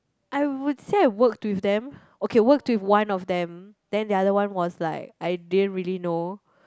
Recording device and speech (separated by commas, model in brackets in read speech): close-talking microphone, conversation in the same room